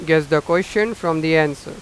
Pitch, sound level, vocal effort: 160 Hz, 95 dB SPL, loud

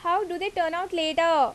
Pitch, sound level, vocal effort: 350 Hz, 90 dB SPL, loud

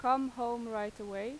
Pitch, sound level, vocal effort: 235 Hz, 92 dB SPL, loud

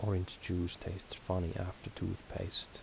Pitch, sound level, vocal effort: 95 Hz, 72 dB SPL, soft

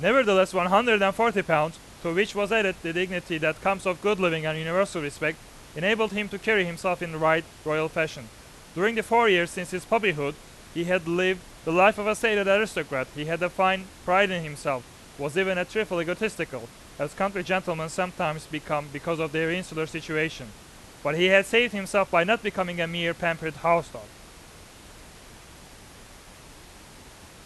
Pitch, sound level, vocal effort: 175 Hz, 98 dB SPL, very loud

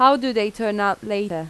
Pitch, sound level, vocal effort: 210 Hz, 88 dB SPL, normal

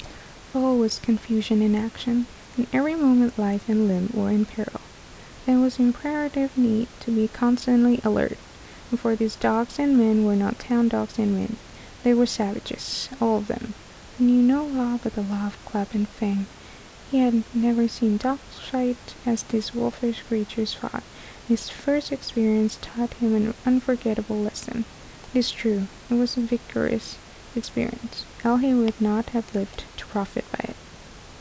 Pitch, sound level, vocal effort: 235 Hz, 74 dB SPL, soft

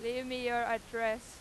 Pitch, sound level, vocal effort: 235 Hz, 99 dB SPL, very loud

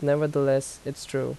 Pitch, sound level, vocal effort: 140 Hz, 81 dB SPL, normal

